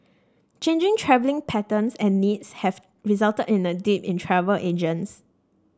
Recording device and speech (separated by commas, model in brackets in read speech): standing microphone (AKG C214), read sentence